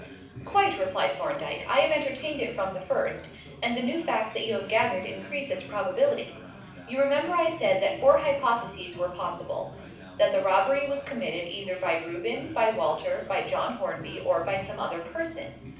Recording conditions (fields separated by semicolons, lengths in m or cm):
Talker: one person; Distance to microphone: 5.8 m; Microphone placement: far; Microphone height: 1.8 m; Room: medium-sized (5.7 m by 4.0 m); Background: babble